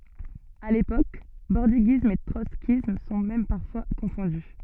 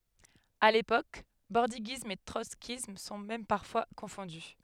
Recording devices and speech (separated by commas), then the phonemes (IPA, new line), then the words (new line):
soft in-ear microphone, headset microphone, read sentence
a lepok bɔʁdiɡism e tʁɔtskism sɔ̃ mɛm paʁfwa kɔ̃fɔ̃dy
À l’époque bordiguisme et trotskysme sont même parfois confondus.